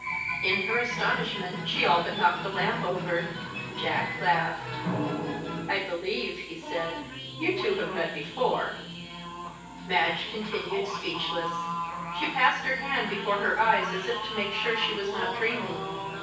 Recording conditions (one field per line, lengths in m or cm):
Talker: one person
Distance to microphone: 9.8 m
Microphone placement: far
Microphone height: 1.8 m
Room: large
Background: television